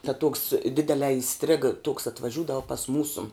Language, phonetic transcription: Lithuanian, ta tuoks ˈdidelē iˈstriga toks atvaˈžiūdava pas ˈmūsu

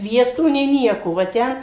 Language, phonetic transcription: Lithuanian, ˈsviesto nė ˈnieko va ˈten

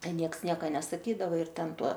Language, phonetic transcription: Lithuanian, ˈten ˈnieks ˈnieka nesaˈkydava ir ˈten ˈtuo

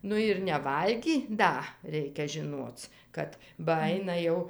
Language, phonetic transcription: Lithuanian, ˈnu ir neˈvalgį ˈda ˈreikia žiˈnuoc ˈkad ba ˈaina jau

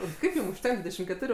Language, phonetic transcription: Lithuanian, ir ˈkaip ˈjum užˈtenk ˈdvydešim keˈturiu

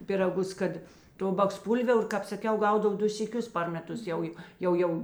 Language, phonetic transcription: Lithuanian, piraˈgus ˈkad ˈto baksˈpūlviaur ˈkāp saˈkiau ˈgaudav ˈdu syˈkius par meˈtus ˈjau jo ˈjau ˈjau

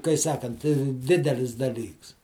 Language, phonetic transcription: Lithuanian, kai ˈsakant ˈdidelis daˈlyks

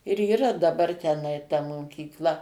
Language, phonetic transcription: Lithuanian, ir yˈra daˈbar teˈnai ta mokykˈla

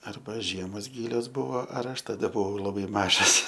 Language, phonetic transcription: Lithuanian, ˈarba ˈžiemos ˈgylios ˈbuvo ar ˈaš taˈda buˈvau laˈbai ˈmažas

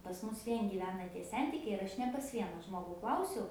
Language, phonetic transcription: Lithuanian, pas ˈmus ˈvien gyˈvena tie ˈsentikiai ir ˈaš ne pas ˈviena ˈžmogu ˈklausiau

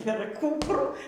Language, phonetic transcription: Lithuanian, per ˈkūprų

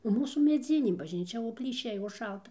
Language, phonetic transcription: Lithuanian, nu ˈmūsų meˈdzinė bažnyˈčia o plyˈšiai o ˈšalta

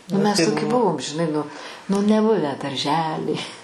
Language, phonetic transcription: Lithuanian, nu mes toˈki ˈbuvom žiˈnai ˈnu nu neˈbuvę darˈžely

